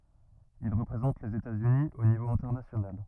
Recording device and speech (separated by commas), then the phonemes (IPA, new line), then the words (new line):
rigid in-ear microphone, read sentence
il ʁəpʁezɑ̃t lez etatsyni o nivo ɛ̃tɛʁnasjonal
Il représente les États-Unis au niveau international.